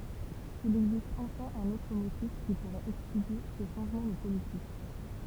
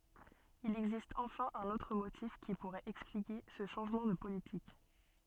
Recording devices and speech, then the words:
temple vibration pickup, soft in-ear microphone, read sentence
Il existe enfin un autre motif qui pourrait expliquer ce changement de politique.

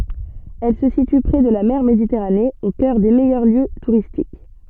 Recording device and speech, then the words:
soft in-ear microphone, read sentence
Elle se situe prés de la mer Méditerranée, au cœur des meilleurs lieux touristiques.

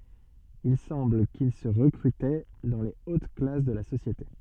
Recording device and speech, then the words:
soft in-ear microphone, read sentence
Il semble qu'ils se recrutaient dans les hautes classes de la société.

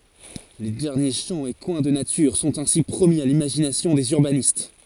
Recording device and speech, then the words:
forehead accelerometer, read sentence
Les derniers champs et coins de nature sont ainsi promis à l'imagination des urbanistes.

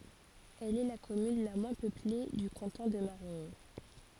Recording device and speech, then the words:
forehead accelerometer, read sentence
Elle est la commune la moins peuplée du canton de Marigny.

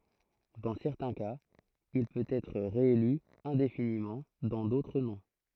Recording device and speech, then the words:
throat microphone, read sentence
Dans certains cas, il peut être réélu indéfiniment, dans d’autres non.

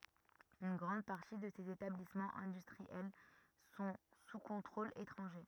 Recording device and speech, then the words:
rigid in-ear microphone, read sentence
Une grande partie de ces établissements industriels sont sous contrôle étranger.

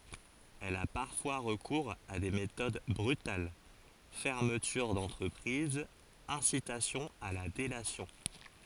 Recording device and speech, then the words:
forehead accelerometer, read sentence
Elle a parfois recours à des méthodes brutales: fermeture d'entreprise, incitation à la délation.

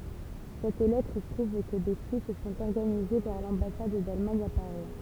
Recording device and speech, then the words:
temple vibration pickup, read sentence
Cette lettre prouve que des fuites sont organisées vers l'ambassade d'Allemagne à Paris.

